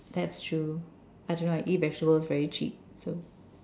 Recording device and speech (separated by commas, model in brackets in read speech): standing microphone, conversation in separate rooms